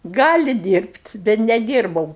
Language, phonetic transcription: Lithuanian, ˈgali dyrbt' bet neˈdyrbau

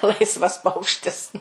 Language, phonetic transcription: Lithuanian, ˈlaisvas ˈpaukštis

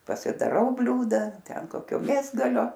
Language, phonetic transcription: Lithuanian, pasidaˈrau ˈbliūda ˈten ˈkokio ˈmėsgalio

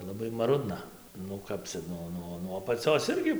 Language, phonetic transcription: Lithuanian, laˈbai maˈrudna nu ˈkap cia ˈnuo ˈnuo nuo apaˈcios ˈirgi

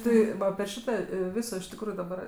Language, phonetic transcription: Lithuanian, ˈti va api ˈšita ˈviso iš tikˈrųju daˈbar

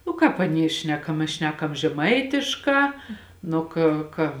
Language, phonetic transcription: Lithuanian, nu ˈkāp aˈnie ˈšnekam mes ˈšnekam žeˈmaitišˌkā ˈnu kė ˈka

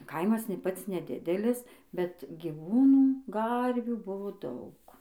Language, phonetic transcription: Lithuanian, ˈkaimas nė ˈpats neˈdidelis bet gyˈvūnų ˈgarvių ˈbuvo ˈdaug

